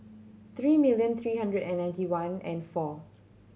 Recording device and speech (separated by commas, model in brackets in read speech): mobile phone (Samsung C7100), read sentence